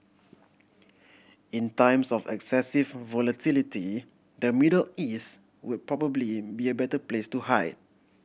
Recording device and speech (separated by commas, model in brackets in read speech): boundary microphone (BM630), read sentence